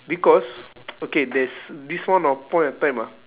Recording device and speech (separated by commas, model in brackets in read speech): telephone, conversation in separate rooms